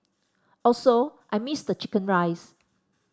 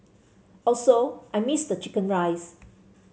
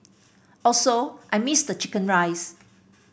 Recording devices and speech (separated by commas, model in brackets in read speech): standing microphone (AKG C214), mobile phone (Samsung C7), boundary microphone (BM630), read sentence